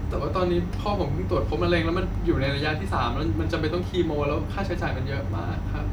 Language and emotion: Thai, sad